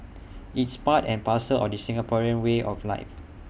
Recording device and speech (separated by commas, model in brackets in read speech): boundary microphone (BM630), read sentence